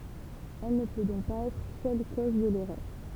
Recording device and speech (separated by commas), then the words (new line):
temple vibration pickup, read sentence
Elle ne peut donc pas être seule cause de l'erreur.